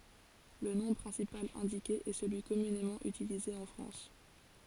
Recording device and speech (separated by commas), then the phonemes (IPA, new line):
forehead accelerometer, read sentence
lə nɔ̃ pʁɛ̃sipal ɛ̃dike ɛ səlyi kɔmynemɑ̃ ytilize ɑ̃ fʁɑ̃s